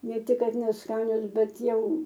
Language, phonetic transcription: Lithuanian, ˈne ˈtik ˈkad nesˈkanios ˈbet ˈjau

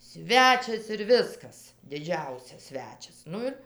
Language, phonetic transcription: Lithuanian, ˈsvečias ir ˈviskas diˈdžiausias ˈsvečias ˈnu ir

